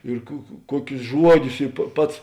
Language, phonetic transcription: Lithuanian, ir ku ku ˈkuokius ˈžuoˌdius i pa ˈpats

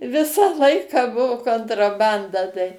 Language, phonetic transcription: Lithuanian, ˈvisą ˈlaiką ˈbuvu kontraˈbanda tai

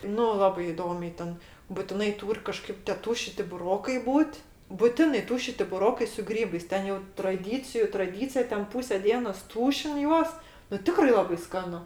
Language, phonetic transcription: Lithuanian, ˈnu ˈlabai iˈdomiai ˈten butiˈnai ˈtūr' kaˈžkaip tė ˈtūšiti buˈrokai ˈbūt' buˈtinai ˈtūšiti buˈrokai su ˈgrybais ˈten jau traˈdyciju traˈdycija ˈten ˈpūse ˈdienos ˈtūšin ˈjuos nu ˈtikrai ˈlabai ˈskanu

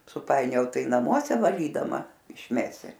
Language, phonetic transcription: Lithuanian, suˈpainiojau ˈtai naˈmuose vaˈlydama išˈmesi

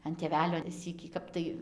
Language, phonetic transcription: Lithuanian, an tėˈvelio ˈsykį ˈkap tai

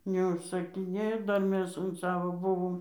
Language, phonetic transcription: Lithuanian, neužsakiˈnėjo ˈdar ˈmes un ˈsavo ˈbuvom

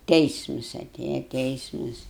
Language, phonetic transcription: Lithuanian, ˈteismus aˈtėja ˈteismus

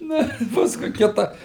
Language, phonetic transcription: Lithuanian, ˈna i ˈpaskui ˈkita

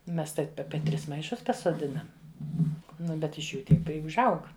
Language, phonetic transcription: Lithuanian, ˈmes ˈtaip ˈape ˈtris maiˈšus pasoˈdinam ˈnu bet iš ˈjų ˈtiek ˈpri užˈaug

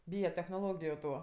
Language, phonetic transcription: Lithuanian, ˈbyja technoˈlogiju ˈtų

